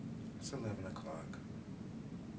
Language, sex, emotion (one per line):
English
male
neutral